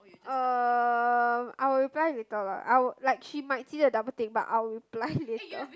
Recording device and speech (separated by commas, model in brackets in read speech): close-talking microphone, conversation in the same room